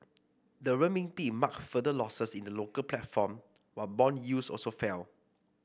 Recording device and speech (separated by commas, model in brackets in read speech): boundary microphone (BM630), read sentence